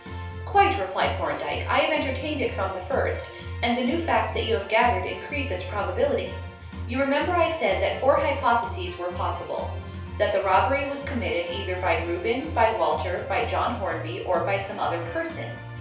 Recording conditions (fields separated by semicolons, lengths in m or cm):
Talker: one person; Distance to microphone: 3.0 m; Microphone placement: far; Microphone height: 1.8 m; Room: small (3.7 m by 2.7 m); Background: music